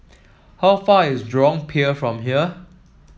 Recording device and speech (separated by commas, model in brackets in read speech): mobile phone (iPhone 7), read sentence